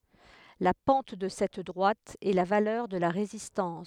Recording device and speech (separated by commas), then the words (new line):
headset microphone, read sentence
La pente de cette droite est la valeur de la résistance.